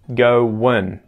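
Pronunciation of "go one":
'Going' is contracted here: after 'go' comes a schwa sound and then an n sound instead of the 'ing'.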